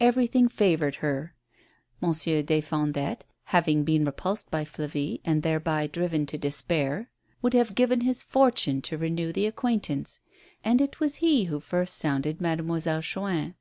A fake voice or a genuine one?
genuine